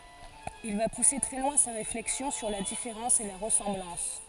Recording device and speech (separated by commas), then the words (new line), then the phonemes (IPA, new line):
forehead accelerometer, read sentence
Il va pousser très loin sa réflexion sur la différence et la ressemblance.
il va puse tʁɛ lwɛ̃ sa ʁeflɛksjɔ̃ syʁ la difeʁɑ̃s e la ʁəsɑ̃blɑ̃s